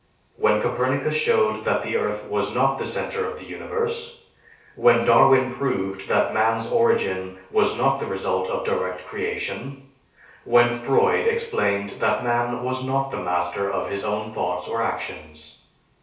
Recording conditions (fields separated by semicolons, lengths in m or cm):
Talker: one person; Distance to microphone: 3.0 m; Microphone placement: far; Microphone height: 1.8 m; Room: small (3.7 m by 2.7 m); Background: none